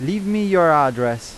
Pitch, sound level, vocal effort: 160 Hz, 95 dB SPL, loud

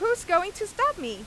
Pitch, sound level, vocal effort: 355 Hz, 97 dB SPL, very loud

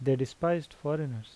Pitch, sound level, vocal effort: 145 Hz, 82 dB SPL, normal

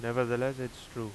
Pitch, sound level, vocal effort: 120 Hz, 89 dB SPL, loud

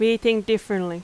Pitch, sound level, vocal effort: 220 Hz, 88 dB SPL, very loud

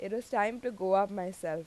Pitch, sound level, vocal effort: 195 Hz, 89 dB SPL, loud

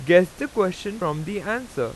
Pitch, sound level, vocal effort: 200 Hz, 93 dB SPL, very loud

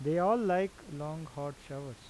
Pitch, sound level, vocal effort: 150 Hz, 86 dB SPL, normal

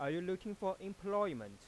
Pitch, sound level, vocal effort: 190 Hz, 95 dB SPL, normal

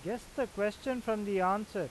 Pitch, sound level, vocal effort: 210 Hz, 92 dB SPL, loud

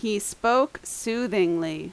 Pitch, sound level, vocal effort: 225 Hz, 86 dB SPL, very loud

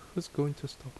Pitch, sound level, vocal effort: 145 Hz, 72 dB SPL, soft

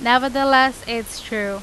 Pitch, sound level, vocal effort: 245 Hz, 93 dB SPL, loud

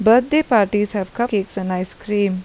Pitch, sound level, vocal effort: 205 Hz, 83 dB SPL, normal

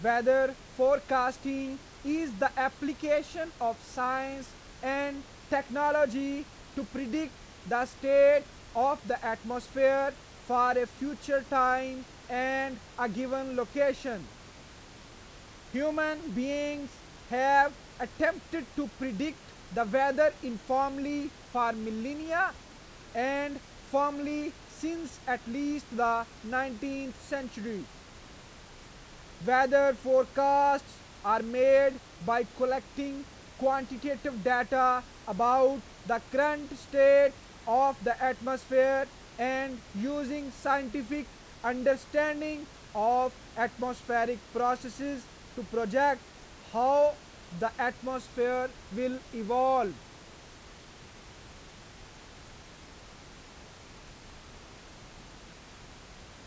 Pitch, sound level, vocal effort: 265 Hz, 97 dB SPL, very loud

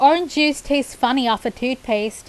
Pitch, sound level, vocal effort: 255 Hz, 88 dB SPL, loud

